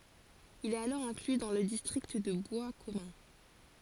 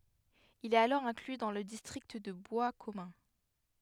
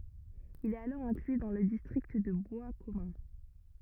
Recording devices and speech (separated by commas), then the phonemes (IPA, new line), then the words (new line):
forehead accelerometer, headset microphone, rigid in-ear microphone, read sentence
il ɛt alɔʁ ɛ̃kly dɑ̃ lə distʁikt də bwaskɔmœ̃
Il est alors inclus dans le district de Boiscommun.